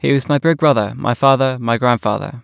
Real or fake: real